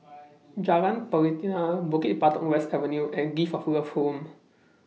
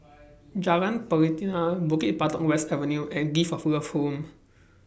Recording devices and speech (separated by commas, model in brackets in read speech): mobile phone (iPhone 6), boundary microphone (BM630), read sentence